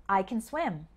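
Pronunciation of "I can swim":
In 'I can swim', 'can' sounds more like 'kin', and the stress is on 'swim'.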